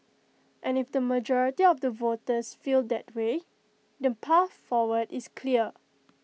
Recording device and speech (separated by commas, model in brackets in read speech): mobile phone (iPhone 6), read sentence